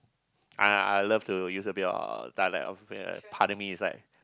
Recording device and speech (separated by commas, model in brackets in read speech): close-talking microphone, conversation in the same room